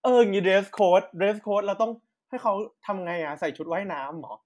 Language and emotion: Thai, frustrated